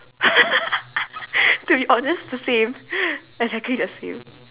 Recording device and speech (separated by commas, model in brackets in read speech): telephone, conversation in separate rooms